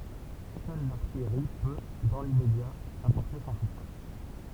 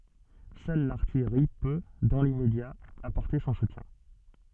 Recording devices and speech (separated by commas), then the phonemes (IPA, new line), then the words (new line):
temple vibration pickup, soft in-ear microphone, read sentence
sœl laʁtijʁi pø dɑ̃ limmedja apɔʁte sɔ̃ sutjɛ̃
Seule l'artillerie peut, dans l'immédiat, apporter son soutien.